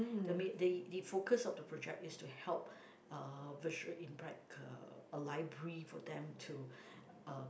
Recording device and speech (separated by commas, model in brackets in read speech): boundary microphone, conversation in the same room